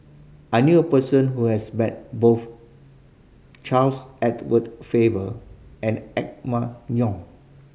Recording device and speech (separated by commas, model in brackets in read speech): mobile phone (Samsung C5010), read sentence